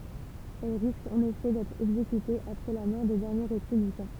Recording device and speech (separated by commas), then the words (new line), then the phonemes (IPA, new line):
temple vibration pickup, read sentence
Elles risquent en effet d'être exécutées, après la mort des derniers républicains.
ɛl ʁiskt ɑ̃n efɛ dɛtʁ ɛɡzekytez apʁɛ la mɔʁ de dɛʁnje ʁepyblikɛ̃